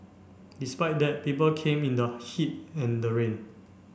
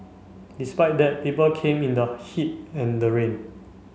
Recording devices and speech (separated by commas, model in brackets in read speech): boundary microphone (BM630), mobile phone (Samsung C5), read sentence